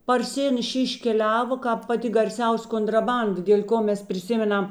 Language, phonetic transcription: Lithuanian, parˈsinešė iškeˈliavo ˈkāp paˈti garˈsiaus' kontraˈbanda dėl' ˈko ˈmes priˈsimeˌnam

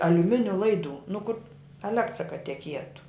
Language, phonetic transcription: Lithuanian, aliuˈminiu ˈlaidu nu kur aˈlektra ka teˈkietu

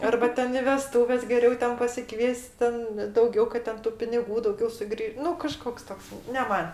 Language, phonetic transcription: Lithuanian, arba ˈten i veˈstūves geˈriau ˈten pasiˈkvies't' ˈten dauˈgiau kad ˈten tu piniˈgų dauˈgiau suˈgrį ˈnu kaˈžkoks ˈtoks ne ˈman'

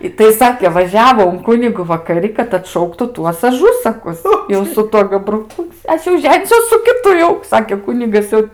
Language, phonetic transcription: Lithuanian, i tai ˈsakė vaˈžiavo un ˈkunigu vakaˈri kad atˈšauktu ˈtuos ˈažusakus jau su ˈtuo gabruˈku ˈaš jau ˈženisiuos su kiˈtu jau ˈsakė ˈkunigas jau

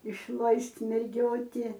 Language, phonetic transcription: Lithuanian, išˈlaist' merˈgioti

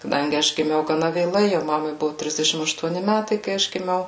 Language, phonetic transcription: Lithuanian, kaˈdangi ˈaš giˈmiau gaˈna vėˈlai jau ˈmamai ˈbuvu ˈtrisdešim aštuoˈni ˈmætai kai ˈaš giˈmiau

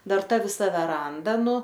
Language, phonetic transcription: Lithuanian, ˈdar ˈta viˈsa ˈveranda ˈnu

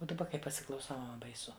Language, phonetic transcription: Lithuanian, o daˈba kai pasiklauˈsau baiˈsu

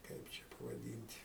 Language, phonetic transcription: Lithuanian, ˈkaip čia pavaˈdynt'

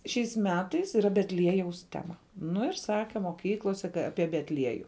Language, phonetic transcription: Lithuanian, šiais ˈmetais yˈra betˈliejaus ˈtema ˈnu ir ˈsake moˈkyklose ˈapie betˈlieju

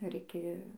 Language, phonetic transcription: Lithuanian, ir ˈiki

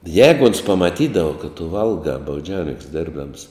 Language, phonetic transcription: Lithuanian, ˈjēgu ons pamaˈtydava kad tu ˈvalgā bauˈdžiauninks ˈdėrbdams

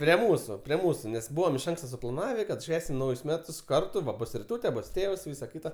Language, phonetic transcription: Lithuanian, prie ˈmūsu prie ˈmūsu nes ˈbūvam iš ˈanksta suplaˈnavė ˈšvęsim ˈnaujus ˈmetus ˈkartu ˈva ˈbus riˈtūte ˈbus ˈtėvs ˈvysa ˈkita

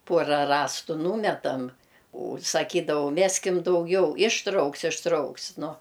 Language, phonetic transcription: Lithuanian, ˈpuora ˈrąstu ˈnūmetam' u saˈkydavau ˈmeskim dauˈgiau išˈtrauks išˈtrauks ˈnu

